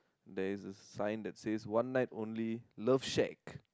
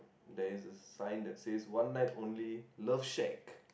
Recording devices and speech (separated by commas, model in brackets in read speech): close-talking microphone, boundary microphone, conversation in the same room